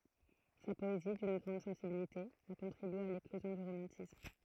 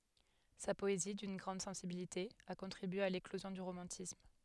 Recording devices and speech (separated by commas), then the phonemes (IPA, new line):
throat microphone, headset microphone, read sentence
sa pɔezi dyn ɡʁɑ̃d sɑ̃sibilite a kɔ̃tʁibye a leklozjɔ̃ dy ʁomɑ̃tism